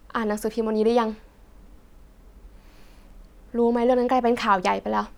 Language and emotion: Thai, sad